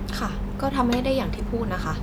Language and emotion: Thai, frustrated